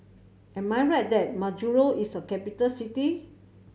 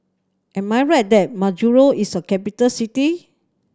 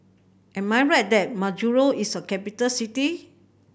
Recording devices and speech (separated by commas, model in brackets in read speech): mobile phone (Samsung C7100), standing microphone (AKG C214), boundary microphone (BM630), read sentence